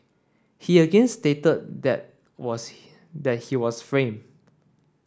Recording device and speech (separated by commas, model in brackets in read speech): standing microphone (AKG C214), read sentence